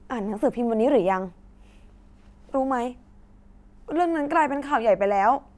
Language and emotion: Thai, frustrated